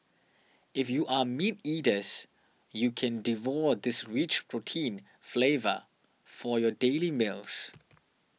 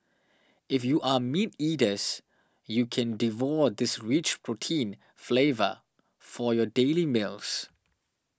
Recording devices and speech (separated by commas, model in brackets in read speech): mobile phone (iPhone 6), standing microphone (AKG C214), read sentence